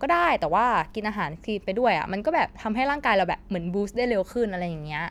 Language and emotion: Thai, neutral